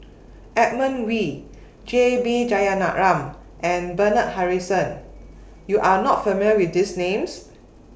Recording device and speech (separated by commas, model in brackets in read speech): boundary microphone (BM630), read sentence